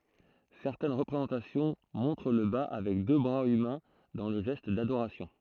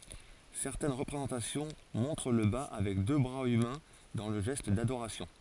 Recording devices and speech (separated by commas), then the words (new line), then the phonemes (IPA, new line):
throat microphone, forehead accelerometer, read sentence
Certaines représentations montrent le Ba avec deux bras humains dans le geste d'adoration.
sɛʁtɛn ʁəpʁezɑ̃tasjɔ̃ mɔ̃tʁ lə ba avɛk dø bʁaz ymɛ̃ dɑ̃ lə ʒɛst dadoʁasjɔ̃